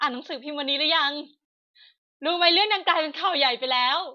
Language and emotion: Thai, happy